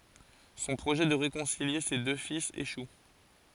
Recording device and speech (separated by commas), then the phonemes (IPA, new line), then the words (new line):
forehead accelerometer, read sentence
sɔ̃ pʁoʒɛ də ʁekɔ̃silje se dø filz eʃu
Son projet de réconcilier ses deux fils échoue.